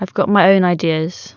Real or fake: real